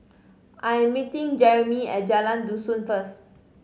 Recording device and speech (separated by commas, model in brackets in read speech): mobile phone (Samsung C5010), read sentence